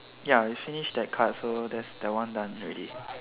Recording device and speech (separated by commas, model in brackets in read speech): telephone, conversation in separate rooms